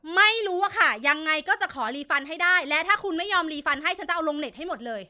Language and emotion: Thai, angry